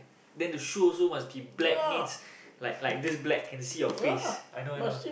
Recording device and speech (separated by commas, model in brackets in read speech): boundary microphone, conversation in the same room